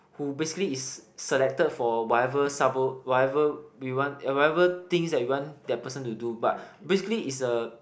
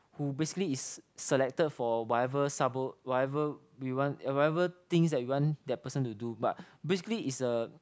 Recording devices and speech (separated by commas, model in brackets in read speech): boundary microphone, close-talking microphone, conversation in the same room